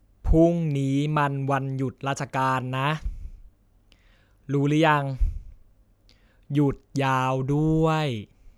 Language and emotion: Thai, frustrated